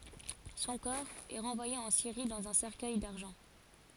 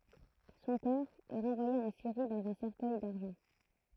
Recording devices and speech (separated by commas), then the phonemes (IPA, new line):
forehead accelerometer, throat microphone, read sentence
sɔ̃ kɔʁ ɛ ʁɑ̃vwaje ɑ̃ siʁi dɑ̃z œ̃ sɛʁkœj daʁʒɑ̃